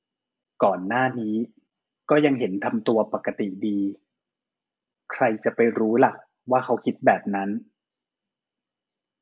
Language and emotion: Thai, neutral